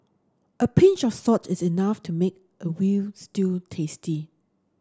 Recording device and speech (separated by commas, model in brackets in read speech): standing microphone (AKG C214), read sentence